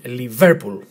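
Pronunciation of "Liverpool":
'Liverpool' is stressed on the second syllable, 'ver'.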